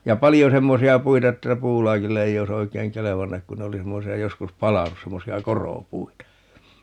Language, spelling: Finnish, ja paljon semmoisia puita että puulaakille ei olisi oikein kelvannut kun ne oli semmoisia joskus palanut semmoisia koropuita
- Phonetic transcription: 'ja "palijo 'semmosi₍a "puita 'että "puulaakille 'ei oi's ‿oikeeŋ "kelevannak kun ne 'oli 'semmosi₍a - 'joskus "palanus - 'semmosi₍a "korò"puita .

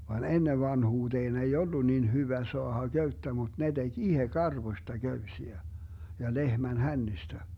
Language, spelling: Finnish, vaan ennen vanhuuteen ei ollut niin hyvä saada köyttä mutta ne teki itse karvoista köysiä ja lehmän hännistä
- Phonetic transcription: van "ennev 'vanhuuteen ei "ollu niin 'hyvä 'soaha 'Göyttä mut ne 'DeG "ihe 'karvośta 'Göysiä , ja 'lehmän "hännistä .

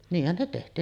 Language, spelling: Finnish, niinhän ne tehtiin
- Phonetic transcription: 'niihhän ne teht̀iin .

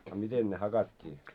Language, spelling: Finnish, a miten ne hakattiin
- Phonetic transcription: a 'miten ne hakat́t́ii ?

